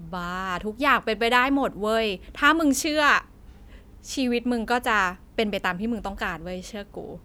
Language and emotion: Thai, happy